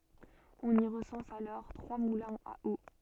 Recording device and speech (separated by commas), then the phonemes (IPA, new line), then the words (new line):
soft in-ear microphone, read sentence
ɔ̃n i ʁəsɑ̃s alɔʁ tʁwa mulɛ̃z a o
On y recense alors trois moulins à eau.